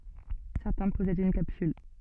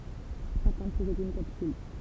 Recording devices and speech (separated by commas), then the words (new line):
soft in-ear microphone, temple vibration pickup, read sentence
Certains possèdent une capsule.